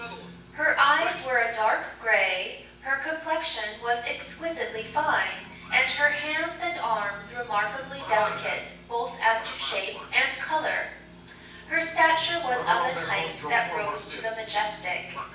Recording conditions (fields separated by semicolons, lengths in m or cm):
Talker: one person; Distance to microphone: 9.8 m; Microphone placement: far; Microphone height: 1.8 m; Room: large; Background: television